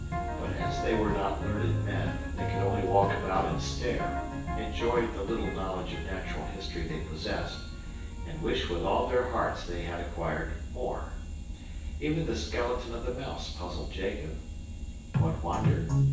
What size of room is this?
A big room.